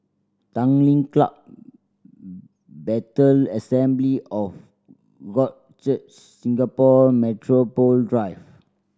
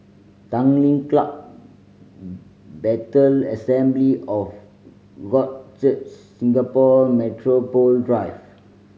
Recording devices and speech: standing microphone (AKG C214), mobile phone (Samsung C5010), read sentence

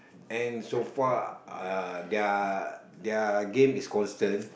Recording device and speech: boundary microphone, conversation in the same room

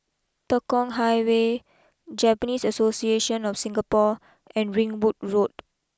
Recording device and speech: close-talking microphone (WH20), read sentence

